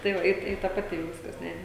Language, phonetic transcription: Lithuanian, tai ˈva ˈi ˈi ta paˈti ˈjau ˈviskas ˈne

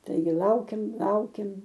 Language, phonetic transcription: Lithuanian, ˈtaigi ˈlaukėm ˈlaukėm

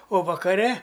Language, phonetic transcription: Lithuanian, o vakaˈre

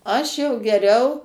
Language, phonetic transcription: Lithuanian, ˈaš jau geˈriau

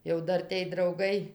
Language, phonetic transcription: Lithuanian, jau ˈdar tėj drauˈgai

